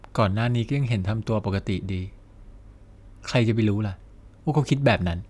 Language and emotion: Thai, neutral